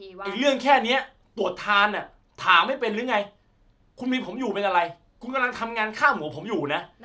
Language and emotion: Thai, angry